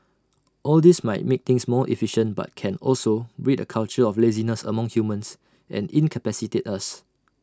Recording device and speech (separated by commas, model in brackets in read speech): standing microphone (AKG C214), read sentence